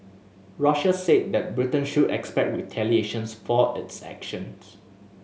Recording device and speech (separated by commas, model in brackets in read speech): mobile phone (Samsung S8), read sentence